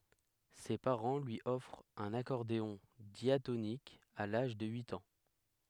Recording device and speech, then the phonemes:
headset microphone, read sentence
se paʁɑ̃ lyi ɔfʁt œ̃n akɔʁdeɔ̃ djatonik a laʒ də yit ɑ̃

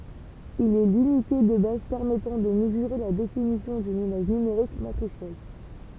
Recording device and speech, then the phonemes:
temple vibration pickup, read sentence
il ɛ lynite də baz pɛʁmɛtɑ̃ də məzyʁe la definisjɔ̃ dyn imaʒ nymeʁik matʁisjɛl

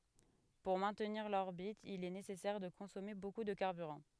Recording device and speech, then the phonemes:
headset microphone, read sentence
puʁ mɛ̃tniʁ lɔʁbit il ɛ nesɛsɛʁ də kɔ̃sɔme boku də kaʁbyʁɑ̃

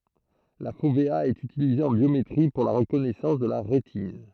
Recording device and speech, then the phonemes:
throat microphone, read sentence
la fovea ɛt ytilize ɑ̃ bjometʁi puʁ la ʁəkɔnɛsɑ̃s də la ʁetin

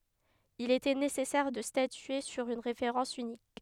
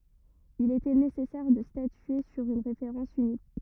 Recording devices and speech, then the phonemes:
headset microphone, rigid in-ear microphone, read sentence
il etɛ nesɛsɛʁ də statye syʁ yn ʁefeʁɑ̃s ynik

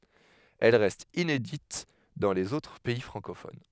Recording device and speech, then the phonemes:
headset microphone, read sentence
ɛl ʁɛst inedit dɑ̃ lez otʁ pɛi fʁɑ̃kofon

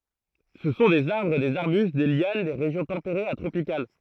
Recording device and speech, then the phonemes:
throat microphone, read sentence
sə sɔ̃ dez aʁbʁ dez aʁbyst de ljan de ʁeʒjɔ̃ tɑ̃peʁez a tʁopikal

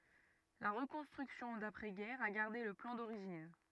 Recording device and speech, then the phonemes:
rigid in-ear microphone, read sentence
la ʁəkɔ̃stʁyksjɔ̃ dapʁɛ ɡɛʁ a ɡaʁde lə plɑ̃ doʁiʒin

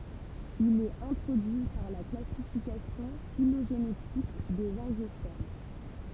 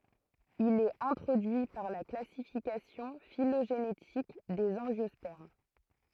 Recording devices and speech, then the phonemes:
temple vibration pickup, throat microphone, read sentence
il ɛt ɛ̃tʁodyi paʁ la klasifikasjɔ̃ filoʒenetik dez ɑ̃ʒjɔspɛʁm

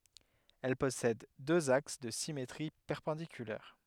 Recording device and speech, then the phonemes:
headset microphone, read sentence
ɛl pɔsɛd døz aks də simetʁi pɛʁpɑ̃dikylɛʁ

